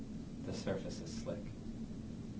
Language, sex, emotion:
English
male
neutral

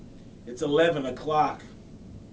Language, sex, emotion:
English
male
disgusted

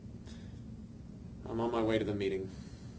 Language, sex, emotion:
English
male
sad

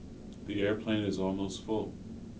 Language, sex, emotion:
English
male
neutral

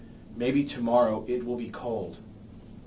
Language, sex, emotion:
English
male
neutral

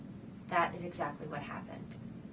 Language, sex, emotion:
English
female
neutral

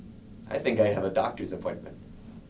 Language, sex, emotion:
English
male
neutral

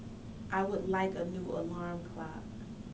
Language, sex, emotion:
English
female
neutral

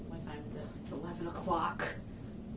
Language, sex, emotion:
English
female
angry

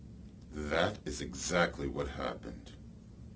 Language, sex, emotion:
English
male
neutral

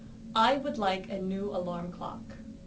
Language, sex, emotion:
English
female
neutral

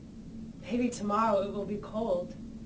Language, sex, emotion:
English
female
neutral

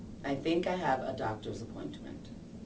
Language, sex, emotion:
English
female
neutral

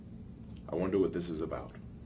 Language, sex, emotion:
English
male
neutral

